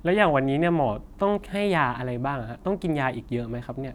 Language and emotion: Thai, frustrated